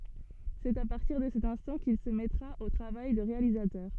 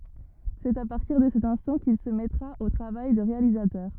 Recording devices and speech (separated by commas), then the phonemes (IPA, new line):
soft in-ear microphone, rigid in-ear microphone, read sentence
sɛt a paʁtiʁ də sɛt ɛ̃stɑ̃ kil sə mɛtʁa o tʁavaj də ʁealizatœʁ